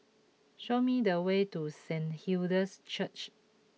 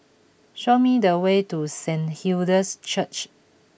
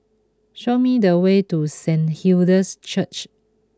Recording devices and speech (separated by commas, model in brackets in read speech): mobile phone (iPhone 6), boundary microphone (BM630), close-talking microphone (WH20), read sentence